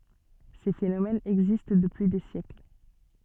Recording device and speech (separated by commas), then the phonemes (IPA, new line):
soft in-ear microphone, read sentence
se fenomɛnz ɛɡzist dəpyi de sjɛkl